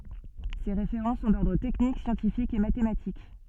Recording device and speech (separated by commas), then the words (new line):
soft in-ear microphone, read sentence
Ses référents sont d’ordre technique, scientifiques et mathématiques.